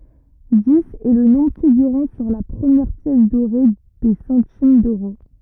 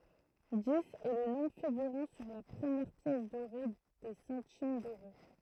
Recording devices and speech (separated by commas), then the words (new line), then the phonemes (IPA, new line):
rigid in-ear microphone, throat microphone, read sentence
Dix est le nombre figurant sur la première pièce dorée des centimes d'euros.
diz ɛ lə nɔ̃bʁ fiɡyʁɑ̃ syʁ la pʁəmjɛʁ pjɛs doʁe de sɑ̃tim døʁo